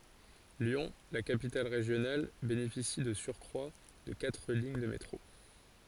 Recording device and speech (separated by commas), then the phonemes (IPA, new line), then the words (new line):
forehead accelerometer, read sentence
ljɔ̃ la kapital ʁeʒjonal benefisi də syʁkʁwa də katʁ liɲ də metʁo
Lyon, la capitale régionale, bénéficie de surcroit de quatre lignes de métro.